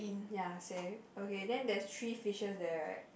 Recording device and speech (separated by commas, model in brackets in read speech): boundary microphone, conversation in the same room